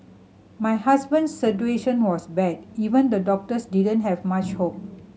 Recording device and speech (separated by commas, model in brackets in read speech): mobile phone (Samsung C7100), read sentence